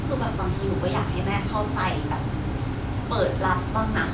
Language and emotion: Thai, frustrated